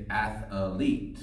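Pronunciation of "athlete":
'Athlete' is pronounced incorrectly here, with an extra third syllable added to a word that has only two.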